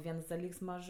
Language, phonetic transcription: Lithuanian, ˈviens daˈlyks ˈmaž

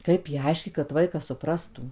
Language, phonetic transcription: Lithuanian, ˈkaip jai ˈaiškyt kad ˈvaikas suˈprastų

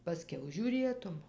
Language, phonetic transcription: Lithuanian, paˈskiau žiūˈrėtum

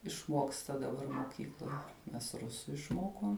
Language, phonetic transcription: Lithuanian, išˈmuoksta daˈbar moˈkykloj mes ˈrusu išˈmokom

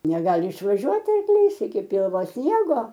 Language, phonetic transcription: Lithuanian, neˈgali išvaˈžiuot arkˈlys iki ˈpilvo ˈsniego

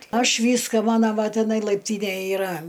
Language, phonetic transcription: Lithuanian, ˈaš ˈvyską ˈmana ˈva tiˈnai laipˈtynej iˈra

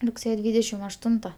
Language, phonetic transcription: Lithuanian, rugˈsėje ˈdvydešim ašˈtunta

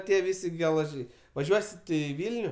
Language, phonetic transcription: Lithuanian, ˈtie ˈvisi gelaˈžiai vaˈžiuosi ˈtu i ˈvilniu

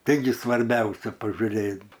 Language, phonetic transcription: Lithuanian, ˈtaigi svarˈbiausia pažuˈrėt

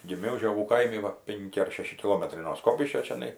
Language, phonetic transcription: Lithuanian, giˈmiau žioˈgų ˈkaimi ˈva ˈpenki ar ˈšeši kiˈlometrai no ˈskopiškio čiaˈnai

